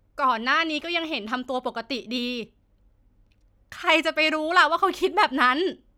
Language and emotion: Thai, frustrated